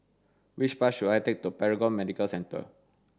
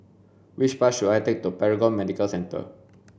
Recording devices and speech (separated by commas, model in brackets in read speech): standing microphone (AKG C214), boundary microphone (BM630), read sentence